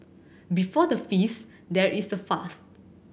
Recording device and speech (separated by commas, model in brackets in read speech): boundary microphone (BM630), read sentence